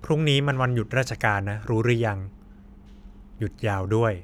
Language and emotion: Thai, neutral